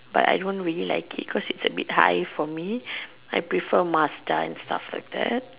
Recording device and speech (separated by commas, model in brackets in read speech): telephone, conversation in separate rooms